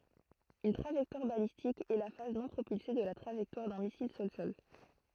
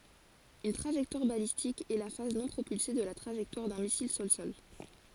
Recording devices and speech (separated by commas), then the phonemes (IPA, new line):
throat microphone, forehead accelerometer, read sentence
yn tʁaʒɛktwaʁ balistik ɛ la faz nɔ̃ pʁopylse də la tʁaʒɛktwaʁ dœ̃ misil sɔlsɔl